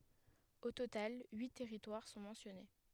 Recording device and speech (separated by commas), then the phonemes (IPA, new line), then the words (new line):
headset microphone, read sentence
o total yi tɛʁitwaʁ sɔ̃ mɑ̃sjɔne
Au total, huit territoires sont mentionnés.